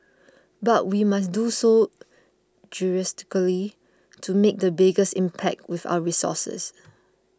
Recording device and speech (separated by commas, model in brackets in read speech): close-talking microphone (WH20), read sentence